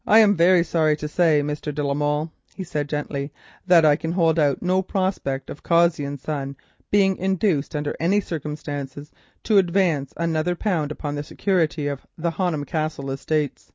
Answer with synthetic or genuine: genuine